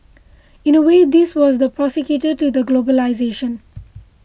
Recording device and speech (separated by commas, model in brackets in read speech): boundary microphone (BM630), read sentence